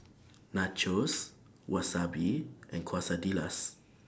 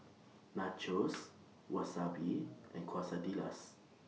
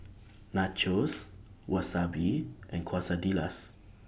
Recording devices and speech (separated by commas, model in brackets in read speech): standing microphone (AKG C214), mobile phone (iPhone 6), boundary microphone (BM630), read sentence